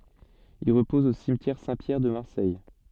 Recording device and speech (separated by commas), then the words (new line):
soft in-ear microphone, read sentence
Il repose au cimetière Saint-Pierre de Marseille.